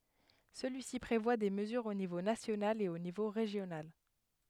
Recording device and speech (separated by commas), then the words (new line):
headset microphone, read sentence
Celui-ci prévoit des mesures au niveau national et au niveau régional.